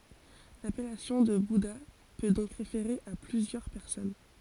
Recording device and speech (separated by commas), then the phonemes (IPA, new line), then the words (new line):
forehead accelerometer, read sentence
lapɛlasjɔ̃ də buda pø dɔ̃k ʁefeʁe a plyzjœʁ pɛʁsɔn
L'appellation de bouddha peut donc référer à plusieurs personnes.